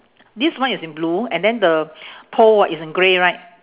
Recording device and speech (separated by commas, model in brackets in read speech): telephone, conversation in separate rooms